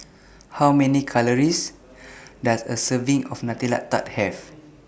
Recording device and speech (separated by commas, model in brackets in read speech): boundary microphone (BM630), read sentence